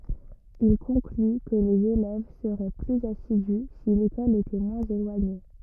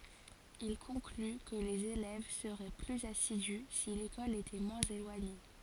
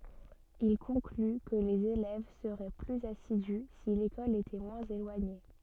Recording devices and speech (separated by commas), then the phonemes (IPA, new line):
rigid in-ear microphone, forehead accelerometer, soft in-ear microphone, read sentence
il kɔ̃kly kə lez elɛv səʁɛ plyz asidy si lekɔl etɛ mwɛ̃z elwaɲe